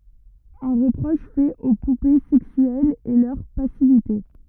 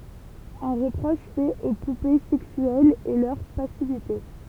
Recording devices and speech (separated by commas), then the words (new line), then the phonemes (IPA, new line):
rigid in-ear microphone, temple vibration pickup, read sentence
Un reproche fait aux poupées sexuelles est leur passivité.
œ̃ ʁəpʁɔʃ fɛt o pupe sɛksyɛlz ɛ lœʁ pasivite